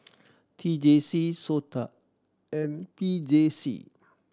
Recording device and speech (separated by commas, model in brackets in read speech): standing microphone (AKG C214), read sentence